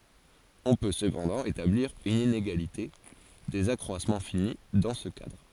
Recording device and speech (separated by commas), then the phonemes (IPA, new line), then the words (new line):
forehead accelerometer, read sentence
ɔ̃ pø səpɑ̃dɑ̃ etabliʁ yn ineɡalite dez akʁwasmɑ̃ fini dɑ̃ sə kadʁ
On peut cependant établir une inégalité des accroissements finis dans ce cadre.